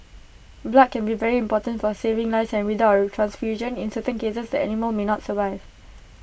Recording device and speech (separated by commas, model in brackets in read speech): boundary microphone (BM630), read sentence